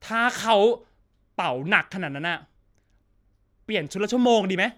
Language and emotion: Thai, frustrated